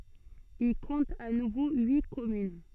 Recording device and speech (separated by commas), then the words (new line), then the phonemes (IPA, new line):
soft in-ear microphone, read sentence
Il compte à nouveau huit communes.
il kɔ̃t a nuvo yi kɔmyn